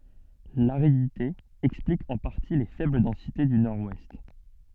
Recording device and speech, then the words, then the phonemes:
soft in-ear microphone, read sentence
L'aridité explique en partie les faibles densités du Nord-Ouest.
laʁidite ɛksplik ɑ̃ paʁti le fɛbl dɑ̃site dy nɔʁwɛst

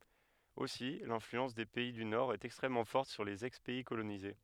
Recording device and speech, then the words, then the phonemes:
headset microphone, read sentence
Aussi l'influence des pays du Nord est extrêmement forte sur les ex-pays colonisés.
osi lɛ̃flyɑ̃s de pɛi dy noʁɛst ɛkstʁɛmmɑ̃ fɔʁt syʁ lez ɛkspɛi kolonize

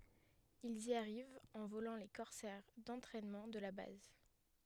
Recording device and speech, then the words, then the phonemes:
headset microphone, read sentence
Ils y arrivent en volant les Corsair d'entraînement de la base.
ilz i aʁivt ɑ̃ volɑ̃ le kɔʁsɛʁ dɑ̃tʁɛnmɑ̃ də la baz

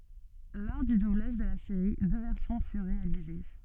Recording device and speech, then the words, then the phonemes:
soft in-ear microphone, read sentence
Lors du doublage de la série, deux versions furent réalisées.
lɔʁ dy dublaʒ də la seʁi dø vɛʁsjɔ̃ fyʁ ʁealize

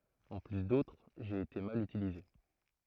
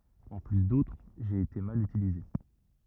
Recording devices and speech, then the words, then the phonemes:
throat microphone, rigid in-ear microphone, read sentence
En plus d'autres, j'ai été mal utilisé.
ɑ̃ ply dotʁ ʒe ete mal ytilize

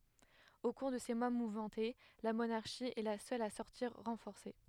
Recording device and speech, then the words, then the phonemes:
headset microphone, read sentence
Au cours de ces mois mouvementés, la monarchie est la seule à sortir renforcée.
o kuʁ də se mwa muvmɑ̃te la monaʁʃi ɛ la sœl a sɔʁtiʁ ʁɑ̃fɔʁse

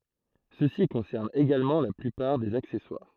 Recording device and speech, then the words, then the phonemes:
throat microphone, read sentence
Ceci concerne également la plupart des accessoires.
səsi kɔ̃sɛʁn eɡalmɑ̃ la plypaʁ dez aksɛswaʁ

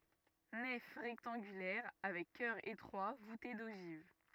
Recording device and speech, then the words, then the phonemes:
rigid in-ear microphone, read sentence
Nef rectangulaire avec chœur étroit voûté d'ogives.
nɛf ʁɛktɑ̃ɡylɛʁ avɛk kœʁ etʁwa vute doʒiv

